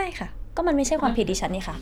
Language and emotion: Thai, frustrated